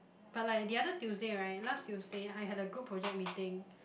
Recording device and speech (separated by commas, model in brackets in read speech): boundary microphone, conversation in the same room